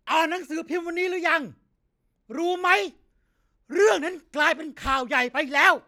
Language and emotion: Thai, angry